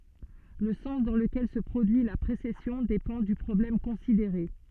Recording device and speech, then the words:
soft in-ear microphone, read sentence
Le sens dans lequel se produit la précession dépend du problème considéré.

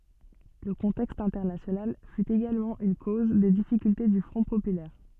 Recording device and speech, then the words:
soft in-ear microphone, read sentence
Le contexte international fut également une cause des difficultés du Front populaire.

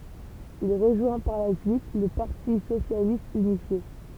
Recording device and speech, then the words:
temple vibration pickup, read sentence
Il rejoint par la suite le Parti socialiste unifié.

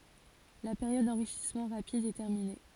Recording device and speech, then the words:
forehead accelerometer, read sentence
La période d'enrichissement rapide est terminée.

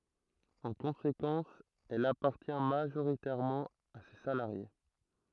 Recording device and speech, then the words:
throat microphone, read sentence
En conséquence, elle appartient majoritairement à ses salariés.

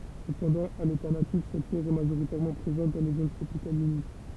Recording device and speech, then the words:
temple vibration pickup, read sentence
Cependant, à l'état natif, cette pierre est majoritairement présente dans les zones tropicales humides.

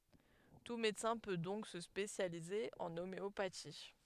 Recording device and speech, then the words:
headset microphone, read sentence
Tout médecin peut donc se spécialiser en homéopathie.

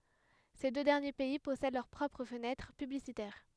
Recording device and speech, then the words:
headset microphone, read sentence
Ces deux derniers pays possèdent leurs propres fenêtres publicitaires.

